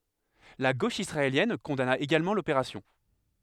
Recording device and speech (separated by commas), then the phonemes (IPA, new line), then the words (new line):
headset microphone, read sentence
la ɡoʃ isʁaeljɛn kɔ̃dana eɡalmɑ̃ lopeʁasjɔ̃
La gauche israélienne condamna également l'opération.